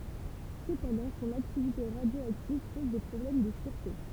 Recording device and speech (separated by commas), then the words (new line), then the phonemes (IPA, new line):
temple vibration pickup, read sentence
Cependant son activité radioactive pose des problèmes de sûreté.
səpɑ̃dɑ̃ sɔ̃n aktivite ʁadjoaktiv pɔz de pʁɔblɛm də syʁte